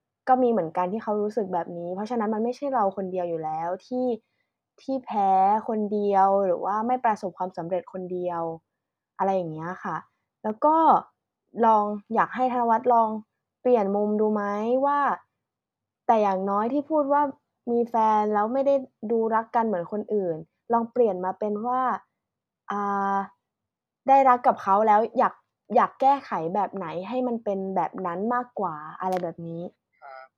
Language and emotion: Thai, frustrated